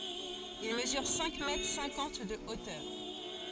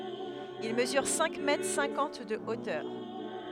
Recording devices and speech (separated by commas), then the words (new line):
forehead accelerometer, headset microphone, read sentence
Il mesure cinq mètres cinquante de hauteur.